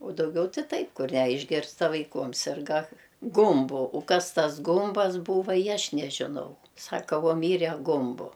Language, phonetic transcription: Lithuanian, u dauˈgiau ti ˈtaip ˈkur ˈne išˈgirsdavai ˈkuom ˈsirga ˈgumbu u ˈkas ˈtas ˈgumbas ˈbūva i ˈaš nežiˈnau ˈsaka ˈvuo ˈmyre ˈgumbu

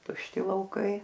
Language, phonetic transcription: Lithuanian, tušˈti lauˈkai

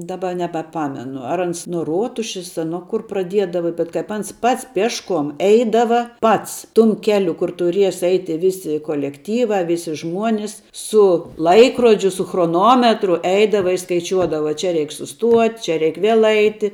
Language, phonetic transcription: Lithuanian, daˈba nebaˈpamenu ar ˈans nuo ˈruotušis a ˈnuo kur praˈdiedava bet kaip ˈans ˈpats ˈpiešˌkuom ˈeidava ˈpats ˈtum ˈkeliu kur tuˈries ˈeiti ˈvisi kolekˈtyva ˈvisi ˈžmuonis su ˈlaikrodžiu su chroˈnometru ˈeidava i skaiˈčiuodava ˈčia ˈreik suˈstuot' čia ˈreik ˈviel ˈaiti

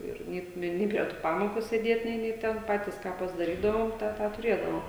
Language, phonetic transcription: Lithuanian, ˈir ˈnė ˈnė prie ˈtų ˈpamoku sėˈdėt ˈnė ˈnė ˈten ˈpatys ˈką pasdaˈrydavom ˈtą tą tuˈrėdavom

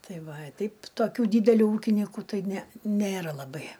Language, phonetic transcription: Lithuanian, ˈtai ˈva a ˈteip toˈkių dydeˈlių ˈūkinyku ˈtai ˈne ˈnėra laˈbai

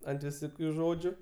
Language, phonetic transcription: Lithuanian, ant viˈsokiu ˈžodžiu

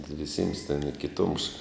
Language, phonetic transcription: Lithuanian, viˈsims ten i kiˈtums

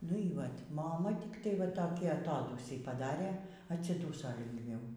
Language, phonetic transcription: Lithuanian, nu y ˈvat' moˈma tikˈtai va ˈtokį aˈtodūsį paˈdarė atsiˈdūso lingˈviau

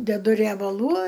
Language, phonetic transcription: Lithuanian, deˈdu riebaˈlų

